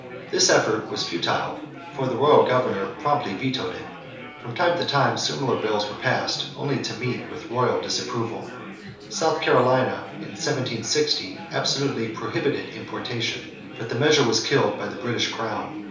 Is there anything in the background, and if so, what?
Crowd babble.